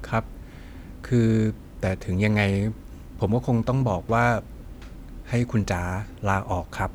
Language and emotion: Thai, neutral